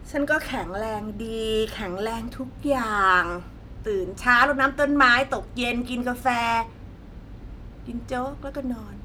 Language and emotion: Thai, neutral